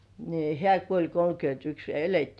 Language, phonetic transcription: Finnish, ni "hĕä̀ kuoĺ kolkyönt'yks ja 'elettii .
- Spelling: niin hän kuoli kolmekymmentäyksi ja elettiin

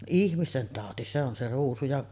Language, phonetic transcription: Finnish, 'ihmisten tàoti 'se ‿on se 'ruusu jaˀ ,.
- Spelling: ihmisten tauti se on se ruusu ja

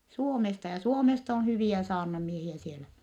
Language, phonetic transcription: Finnish, Suomesta ja , Suomest ‿on hyviä saarnamiehiä sielä .
- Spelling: Suomesta ja Suomesta on hyviä saarnamiehiä siellä

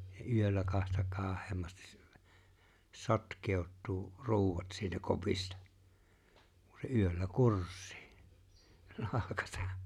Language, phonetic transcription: Finnish, ja 'yöllä kahta 'kaah̀eemmastis s- , 'sot̀k̀èot̆tuu , 'ruuwat siitä 'kopista , kun̬ se 'yöllä "kurs̆sɪɪ , 'nahkasᴀ .
- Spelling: ja yöllä kahta kauheammin - sotkeutuu ruuat siitä kopista kun se yöllä kursii nahkansa

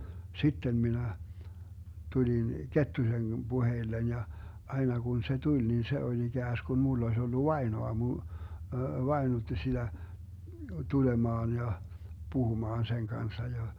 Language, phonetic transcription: Finnish, 'sittem minä , 'tulin "Kettusen 'Buheillen ja , 'aina kun se 'tuĺ nin 'se oĺ 'iGääsGun 'mull ‿oⁱs ollu "vaenoamu , "vaenutti siDä , 'tulemaan ja , 'puhumaan seŋ kanssa ja .
- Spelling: sitten minä tulin Kettusen puheille ja aina kun se tuli niin se oli ikään kuin minulla olisi ollut vainoamu vainutti sitä tulemaan ja puhumaan sen kanssa ja

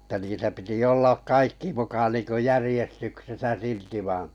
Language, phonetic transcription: Finnish, [et]tä niitä piti 'ollak 'kaikki muka niiŋkö 'järⁱjestyksesä "silti vaa̰ .
- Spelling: että niitä piti olla kaikki muka niin kuin järjestyksessä silti vaan

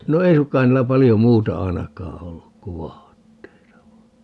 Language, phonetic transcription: Finnish, no "ei sukkaan 'niillä 'palijo "muuta 'ainak̀aa 'olluk ku "vaatteita (vain) .
- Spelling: no ei suinkaan niillä paljon muuta ainakaan ollut kuin vaatteita vain

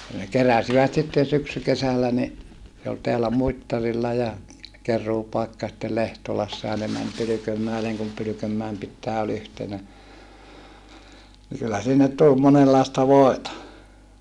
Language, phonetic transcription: Finnish, ə ne keräsivät sitten syksykesällä ni , se ol teälä Muittarilla ja , ker̀uupaikka ja sⁱttel Lehtolassa ja ne män Pylykömmäeleŋ kum Pylykömmäem pittää ol ‿yhtenä , ni kyllä sinnet tul monellàesta vòeta .
- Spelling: - ne keräsivät sitten syksykesällä niin se oli täällä Muittarilla ja keruupaikka ja sitten Lehtolassa ja ne meni Pylkönmäelle kun Pylkönmäen pitäjä oli yhtenä niin kyllä sinne tuli monenlaista voita

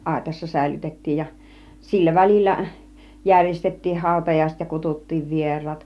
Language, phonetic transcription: Finnish, àitassa 'sä̀ilytet̀tiij ja , 'sillä 'väl͕illä , 'jär̀jestet̀tiih 'hàutajaiset ja 'kutut̀tiiv 'vier̆raat .
- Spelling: aitassa säilytettiin ja sillä välillä järjestettiin hautajaiset ja kutsuttiin vieraat

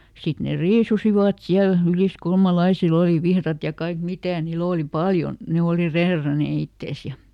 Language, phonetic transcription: Finnish, ˈsit ne "riisusivat ˈsiäl , ˈyliskulmalaisil ‿oli ˈvihrat ja ˈkaik "mitä̀ niiˈl ‿òli "paljon̬ , ˈne oli "reeranè ˈittès ja ,.
- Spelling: sitten ne riisuivat siellä yliskulmalaisilla oli vihdat ja kaikki mitä niillä oli paljon ne oli reeranneet itsensä ja

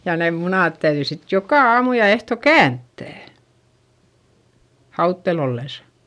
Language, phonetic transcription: Finnish, ja neem munàt täyδyi sit jokà aamu ja ehto känttä̀ , hauttel ‿ollesA .
- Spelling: ja ne munat täytyi sitten joka aamu ja ehtoo kääntää hauteella ollessa

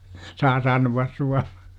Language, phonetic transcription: Finnish, 'saa sanu₍as 'suaR - .
- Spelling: saa sanoa -

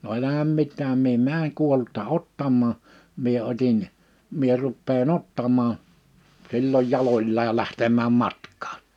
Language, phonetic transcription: Finnish, no 'elähäm 'mit̆tääm mie "määŋ 'kuollutta "ottammaa , 'mie otin , mie 'ruppee"n ‿ottamaa , silloj 'jaloĺlaaj ja 'lähtemääm 'matk̀ᴀᴀɴ .
- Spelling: no älä mitään minä menen kuollutta ottamaan minä otin minä rupean ottamaan silloin jaloillaan ja lähtemään matkaan

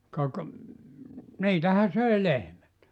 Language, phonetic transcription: Finnish, ka ‿k- , 'niitähä söi 'lehmät .
- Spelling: ka - niitähän söi lehmät

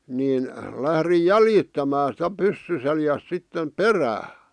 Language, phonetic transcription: Finnish, niin , 'lährij "jäljittämää sⁱtä 'pyssy seljäs sittem "perää .
- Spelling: niin lähdin jäljittämään sitä pyssy selässä sitten perään

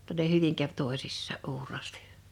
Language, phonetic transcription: Finnish, [jo]tta ne "hyviŋ käv 'tòisissaa’ '’uuraastl .
- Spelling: jotta ne hyvin kävi toisissaan uuraasti

